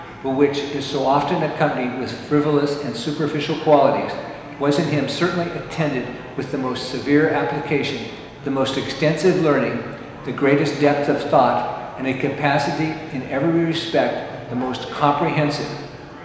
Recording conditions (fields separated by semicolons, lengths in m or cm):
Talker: one person; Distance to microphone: 1.7 m; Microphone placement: close; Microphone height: 1.0 m; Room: very reverberant, large; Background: babble